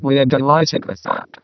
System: VC, vocoder